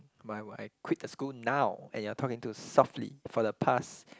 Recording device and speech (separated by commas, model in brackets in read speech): close-talking microphone, conversation in the same room